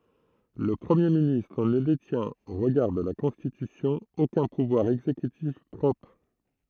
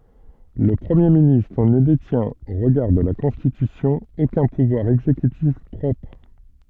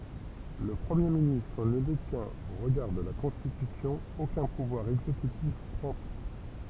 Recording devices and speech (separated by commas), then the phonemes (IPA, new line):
throat microphone, soft in-ear microphone, temple vibration pickup, read sentence
lə pʁəmje ministʁ nə detjɛ̃t o ʁəɡaʁ də la kɔ̃stitysjɔ̃ okœ̃ puvwaʁ ɛɡzekytif pʁɔpʁ